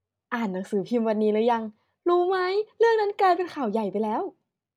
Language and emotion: Thai, happy